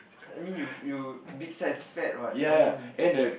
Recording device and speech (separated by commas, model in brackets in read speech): boundary microphone, conversation in the same room